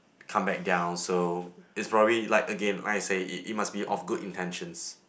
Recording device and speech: boundary microphone, conversation in the same room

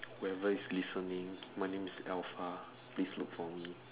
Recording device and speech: telephone, conversation in separate rooms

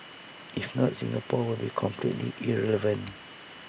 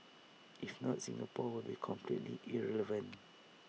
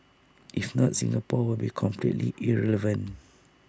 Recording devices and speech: boundary microphone (BM630), mobile phone (iPhone 6), standing microphone (AKG C214), read sentence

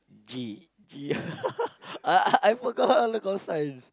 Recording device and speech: close-talking microphone, conversation in the same room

